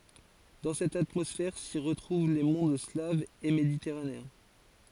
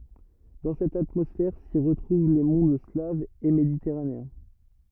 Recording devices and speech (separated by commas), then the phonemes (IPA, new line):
forehead accelerometer, rigid in-ear microphone, read sentence
dɑ̃ sɛt atmɔsfɛʁ si ʁətʁuv le mɔ̃d slavz e meditɛʁaneɛ̃